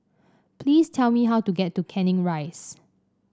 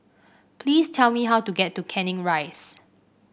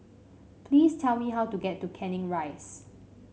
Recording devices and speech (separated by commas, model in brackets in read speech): standing microphone (AKG C214), boundary microphone (BM630), mobile phone (Samsung C5), read sentence